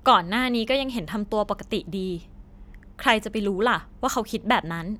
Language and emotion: Thai, frustrated